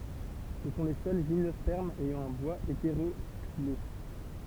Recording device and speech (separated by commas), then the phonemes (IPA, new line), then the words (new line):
temple vibration pickup, read sentence
sə sɔ̃ le sœl ʒimnɔspɛʁmz ɛjɑ̃ œ̃ bwaz eteʁoksile
Ce sont les seuls gymnospermes ayant un bois hétéroxylé.